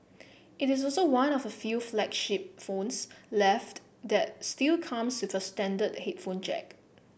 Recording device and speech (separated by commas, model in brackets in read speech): boundary microphone (BM630), read sentence